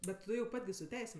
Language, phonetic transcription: Lithuanian, ˈbet ˈtu jau ˈpat' gi su ˈteisėm

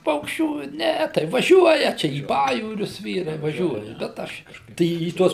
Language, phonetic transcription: Lithuanian, ˈpaukščių ˈne tai vaˈžiuoja ˈčia į ˈpajūrius ˈvyrai vaˈžiuoja bet ˈaš kažˈkaip ˈtai į ˈtuos

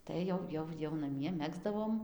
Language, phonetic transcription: Lithuanian, ˈtai jau ˈjau jau naˈmie ˈmegzdavom

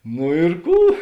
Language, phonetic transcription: Lithuanian, no ir ˈkų

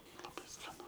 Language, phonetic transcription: Lithuanian, laˈbai skaˈnu

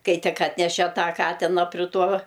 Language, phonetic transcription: Lithuanian, ˈkai ˈtik ˈatnešė ˈtą ˈkatina pri ˈtuo

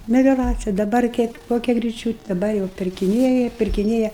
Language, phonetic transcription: Lithuanian, melioˈracija daˈbar kiek ˈkokia griˈčiūte daˈbar jau pirkiˈnėja pirkiˈnėja

